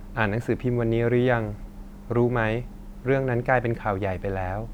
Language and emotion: Thai, frustrated